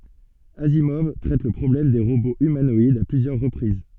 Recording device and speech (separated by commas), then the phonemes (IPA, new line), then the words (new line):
soft in-ear microphone, read sentence
azimɔv tʁɛt lə pʁɔblɛm de ʁoboz ymanɔidz a plyzjœʁ ʁəpʁiz
Asimov traite le problème des robots humanoïdes à plusieurs reprises.